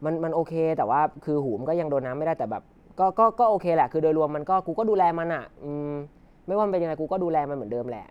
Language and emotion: Thai, neutral